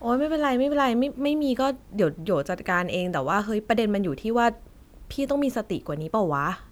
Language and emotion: Thai, frustrated